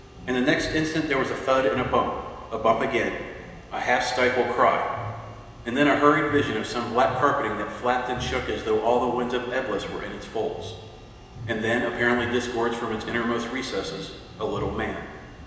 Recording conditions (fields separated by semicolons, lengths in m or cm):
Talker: one person; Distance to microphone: 1.7 m; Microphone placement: close; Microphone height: 1.0 m; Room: very reverberant, large; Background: music